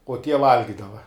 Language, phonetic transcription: Lithuanian, uo tie ˈvalgidava

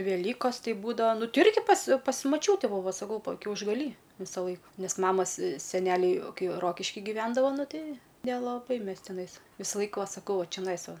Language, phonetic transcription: Lithuanian, veˈlykos ˈtei ˈbūdava ˈnu ˈti ˈirgi pas' pas' maˈčiūte ˈbūva saˈkau kiaušgaˈly ˈvisaˌlaik ˈnes ˈmamas seˈneliai ˈkai ˈrokiški gyˈvendavo ˈnu ˈtei nelaˈbai ˈmes tiˈnais ˈvysaˌlaik ˈva saˈkau ˈva čeˈnais ˈva

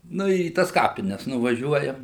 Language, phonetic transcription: Lithuanian, ˈnu ir į ˈtas ˈkapines nuvaˈžiuojam

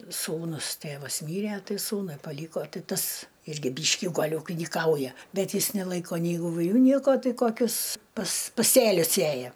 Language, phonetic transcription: Lithuanian, ˈsūnus ˈtėvas ˈmyre ˈtai ˈsūnui paˈlyko ˈti ˈtas ˈirgi ˈbyški ˈgal' ūkinyˈkauja ˈbet ˈjis neˈlaiko nei ivuˈliu nieko ˈtai koˈkius pas paˈsėlius ˈsėja

